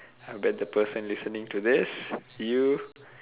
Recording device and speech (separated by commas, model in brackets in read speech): telephone, conversation in separate rooms